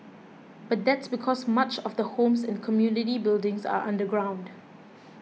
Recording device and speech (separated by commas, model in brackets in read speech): mobile phone (iPhone 6), read sentence